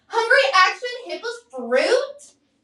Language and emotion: English, disgusted